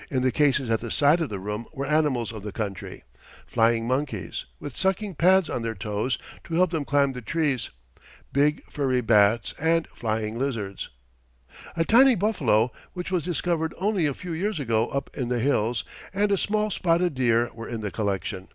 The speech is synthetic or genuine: genuine